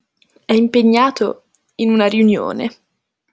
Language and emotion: Italian, disgusted